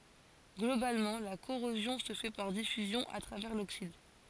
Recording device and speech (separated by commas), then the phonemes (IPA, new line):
forehead accelerometer, read sentence
ɡlobalmɑ̃ la koʁozjɔ̃ sə fɛ paʁ difyzjɔ̃ a tʁavɛʁ loksid